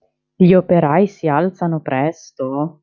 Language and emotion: Italian, surprised